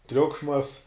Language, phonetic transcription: Lithuanian, ˈtriukšmas

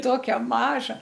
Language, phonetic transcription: Lithuanian, ˈtokia ˈmaža

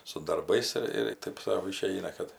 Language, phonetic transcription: Lithuanian, su darˈbais ir ir ˈtaip sau ˈišeina ˈkad

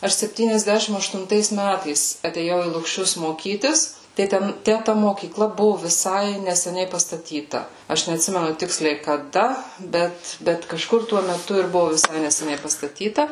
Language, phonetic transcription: Lithuanian, ˈaš septyniasˈdæšim aštunˈtais ˈmætais atėˈjau į lukˈšius moˈkytis tai ˈten ˈtæ ta mokyˈkla ˈbuvu viˈsai neseˈniai pastaˈtyta ˈaš neatˈsimenu ˈtiksliai kaˈda ˈbet ˈbet kaˈžkur tuo meˈtu ir ˈbuvu viˈsai neseˈniai pastaˈtyta

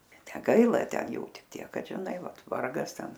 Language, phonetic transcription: Lithuanian, neˈgaila ˈten ˈjų ˈtik ˈtiek ˈkad žiˈnai ˈvat ˈvargas ˈten

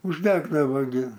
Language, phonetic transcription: Lithuanian, užˈdegdavo gi

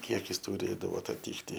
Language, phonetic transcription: Lithuanian, ˈkiekis tuˈrėdavo ataˈtykti

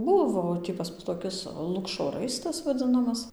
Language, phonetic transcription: Lithuanian, ˈbuvo tį pas ˈmus toˈkis ˈlukšo ˈraistas vaˈdzɨnamas

